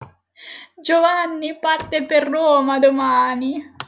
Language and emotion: Italian, sad